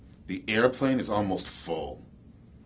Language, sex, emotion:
English, male, neutral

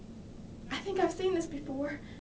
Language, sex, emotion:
English, female, fearful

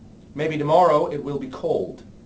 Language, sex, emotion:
English, male, neutral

